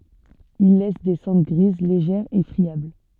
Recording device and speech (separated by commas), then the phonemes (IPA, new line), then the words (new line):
soft in-ear microphone, read sentence
il lɛs de sɑ̃dʁ ɡʁiz leʒɛʁz e fʁiabl
Il laisse des cendres grises, légères et friables.